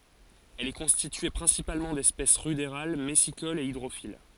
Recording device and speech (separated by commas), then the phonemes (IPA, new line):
forehead accelerometer, read sentence
ɛl ɛ kɔ̃stitye pʁɛ̃sipalmɑ̃ dɛspɛs ʁydeʁal mɛsikolz e idʁofil